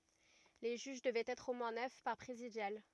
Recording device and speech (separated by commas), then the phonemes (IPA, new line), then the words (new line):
rigid in-ear microphone, read sentence
le ʒyʒ dəvɛt ɛtʁ o mwɛ̃ nœf paʁ pʁezidjal
Les juges devaient être au moins neuf par présidial.